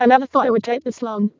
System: VC, vocoder